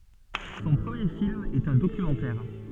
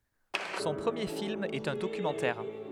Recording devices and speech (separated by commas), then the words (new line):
soft in-ear microphone, headset microphone, read sentence
Son premier film est un documentaire.